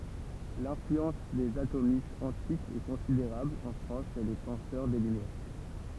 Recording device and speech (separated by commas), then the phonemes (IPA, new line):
temple vibration pickup, read sentence
lɛ̃flyɑ̃s dez atomistz ɑ̃tikz ɛ kɔ̃sideʁabl ɑ̃ fʁɑ̃s ʃe le pɑ̃sœʁ de lymjɛʁ